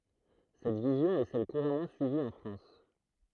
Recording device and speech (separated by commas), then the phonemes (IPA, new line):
throat microphone, read sentence
sɛt vizjɔ̃ ɛ sɛl kuʁamɑ̃ syivi ɑ̃ fʁɑ̃s